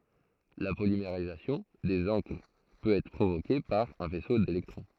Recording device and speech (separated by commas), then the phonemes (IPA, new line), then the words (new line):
throat microphone, read sentence
la polimeʁizasjɔ̃ dez ɑ̃kʁ pøt ɛtʁ pʁovoke paʁ œ̃ fɛso delɛktʁɔ̃
La polymérisation des encres peut être provoquée par un faisceau d'électrons.